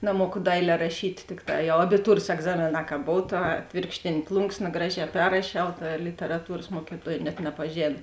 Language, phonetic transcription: Lithuanian, naˈmuoku ˈdailē raˈšyt' ˈtikˌtā jau abiˈtūras egˈzamėˌnā ka ˈbov ˈta ˈatvėrkštėnė ˈplunksna ˈgraˌžē ˈperrašiau ˈta literaˈtūras ˈmuokiˌtuoj net nepaˈžėn

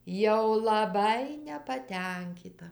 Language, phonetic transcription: Lithuanian, jau laˈbai nepaˈtenkyta

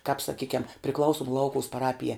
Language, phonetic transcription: Lithuanian, kāp saˈkykiam priˈklausum ˈlaukuus paˈrapijā

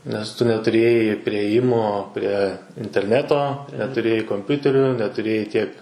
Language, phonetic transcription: Lithuanian, nes ˈtu netuˈrėjai priėˈjimo pre interˈneto netuˈrėjai komˈpiuteriu netuˈrėjai tiek

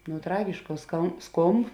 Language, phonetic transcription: Lithuanian, nu ˈtragiškā ska ˈskomb

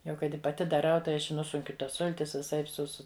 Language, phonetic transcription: Lithuanian, jau ˈkai ˈti paˈti daˈrau tai ˈaš i ˈnusunkiu ˈtas ˈsultis viˈsaip su ˈsu

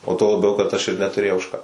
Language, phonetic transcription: Lithuanian, o tuo laˈbiau kad aš ir netuˈrėjau už ˈką

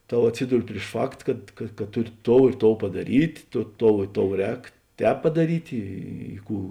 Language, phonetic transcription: Lithuanian, ˈto atˈsyduri priš ˈfakt kad ka ˈtuˌri ˈtou i ˈtou padaˈryt' ˈto ˈtou i ˈtou ˈrēk ˈtēp padaˈryt' ˈy ˈkų

